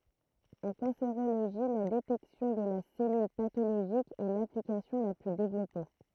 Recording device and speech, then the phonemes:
throat microphone, read sentence
ɑ̃ kɑ̃seʁoloʒi la detɛksjɔ̃ də la sɛlyl patoloʒik ɛ laplikasjɔ̃ la ply devlɔpe

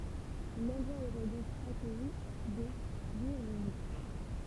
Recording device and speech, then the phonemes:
temple vibration pickup, read sentence
lɑ̃dʁwa oʁɛ dɔ̃k akœji de byʁɡɔ̃d

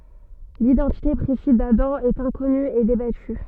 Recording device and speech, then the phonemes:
soft in-ear microphone, read sentence
lidɑ̃tite pʁesiz dadɑ̃ ɛt ɛ̃kɔny e debaty

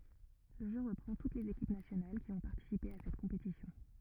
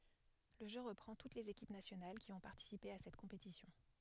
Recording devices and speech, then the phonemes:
rigid in-ear microphone, headset microphone, read sentence
lə ʒø ʁəpʁɑ̃ tut lez ekip nasjonal ki ɔ̃ paʁtisipe a sɛt kɔ̃petisjɔ̃

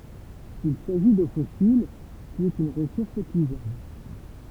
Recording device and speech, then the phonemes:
temple vibration pickup, read sentence
il saʒi do fɔsil ki ɛt yn ʁəsuʁs epyizabl

